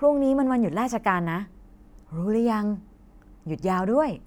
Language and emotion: Thai, happy